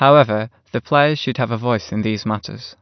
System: none